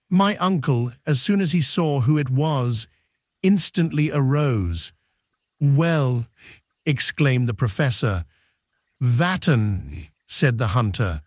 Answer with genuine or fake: fake